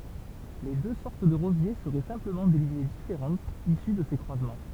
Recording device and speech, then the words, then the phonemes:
temple vibration pickup, read sentence
Les deux sortes de rosiers seraient simplement des lignées différentes issues de ces croisements.
le dø sɔʁt də ʁozje səʁɛ sɛ̃pləmɑ̃ de liɲe difeʁɑ̃tz isy də se kʁwazmɑ̃

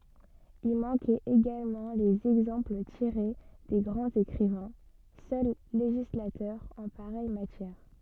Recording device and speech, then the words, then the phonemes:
soft in-ear microphone, read sentence
Y manquaient également les exemples tirés des grands écrivains, seuls législateurs en pareille matière.
i mɑ̃kɛt eɡalmɑ̃ lez ɛɡzɑ̃pl tiʁe de ɡʁɑ̃z ekʁivɛ̃ sœl leʒislatœʁz ɑ̃ paʁɛj matjɛʁ

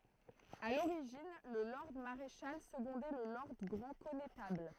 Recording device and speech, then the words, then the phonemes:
throat microphone, read sentence
À l'origine, le lord maréchal secondait le lord grand connétable.
a loʁiʒin lə lɔʁd maʁeʃal səɡɔ̃dɛ lə lɔʁd ɡʁɑ̃ kɔnetabl

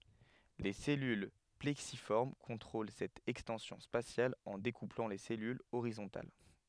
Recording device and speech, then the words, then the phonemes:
headset microphone, read sentence
Les cellules plexiformes contrôlent cette extension spatiale en découplant les cellules horizontales.
le sɛlyl plɛksifɔʁm kɔ̃tʁol sɛt ɛkstɑ̃sjɔ̃ spasjal ɑ̃ dekuplɑ̃ le sɛlylz oʁizɔ̃tal

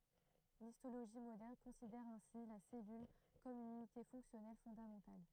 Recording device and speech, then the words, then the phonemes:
throat microphone, read sentence
L'histologie moderne considère ainsi la cellule comme une unité fonctionnelle fondamentale.
listoloʒi modɛʁn kɔ̃sidɛʁ ɛ̃si la sɛlyl kɔm yn ynite fɔ̃ksjɔnɛl fɔ̃damɑ̃tal

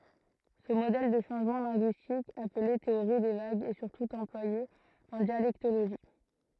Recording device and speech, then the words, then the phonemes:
throat microphone, read sentence
Ce modèle de changement linguistique, appelé théorie des vagues, est surtout employé en dialectologie.
sə modɛl də ʃɑ̃ʒmɑ̃ lɛ̃ɡyistik aple teoʁi de vaɡz ɛ syʁtu ɑ̃plwaje ɑ̃ djalɛktoloʒi

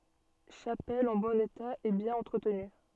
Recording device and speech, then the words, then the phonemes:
soft in-ear microphone, read sentence
Chapelle en bon état et bien entretenue.
ʃapɛl ɑ̃ bɔ̃n eta e bjɛ̃n ɑ̃tʁətny

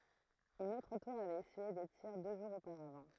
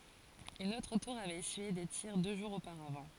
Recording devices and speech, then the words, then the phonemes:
throat microphone, forehead accelerometer, read sentence
Une autre tour avait essuyé des tirs deux jours auparavant.
yn otʁ tuʁ avɛt esyije de tiʁ dø ʒuʁz opaʁavɑ̃

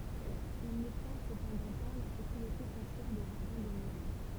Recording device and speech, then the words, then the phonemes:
temple vibration pickup, read sentence
Il n’obtint cependant pas la propriété foncière des jardins de mûriers.
il nɔbtɛ̃ səpɑ̃dɑ̃ pa la pʁɔpʁiete fɔ̃sjɛʁ de ʒaʁdɛ̃ də myʁje

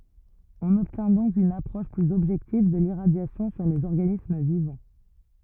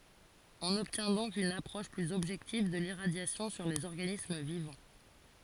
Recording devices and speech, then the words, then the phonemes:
rigid in-ear microphone, forehead accelerometer, read sentence
On obtient donc une approche plus objective de l'irradiation sur des organismes vivants.
ɔ̃n ɔbtjɛ̃ dɔ̃k yn apʁɔʃ plyz ɔbʒɛktiv də liʁadjasjɔ̃ syʁ dez ɔʁɡanism vivɑ̃

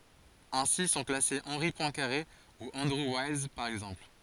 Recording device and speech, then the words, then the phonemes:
forehead accelerometer, read sentence
Ainsi sont classés Henri Poincaré ou Andrew Wiles, par exemple.
ɛ̃si sɔ̃ klase ɑ̃ʁi pwɛ̃kaʁe u ɑ̃dʁu wajls paʁ ɛɡzɑ̃pl

